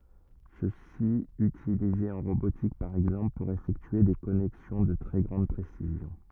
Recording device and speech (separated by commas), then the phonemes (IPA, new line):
rigid in-ear microphone, read sentence
səsi ytilize ɑ̃ ʁobotik paʁ ɛɡzɑ̃pl puʁ efɛktye de kɔnɛksjɔ̃ də tʁɛ ɡʁɑ̃d pʁesizjɔ̃